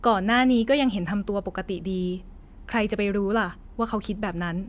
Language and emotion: Thai, neutral